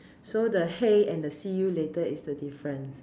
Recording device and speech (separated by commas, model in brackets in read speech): standing microphone, conversation in separate rooms